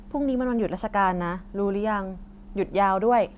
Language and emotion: Thai, neutral